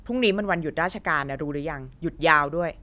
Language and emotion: Thai, angry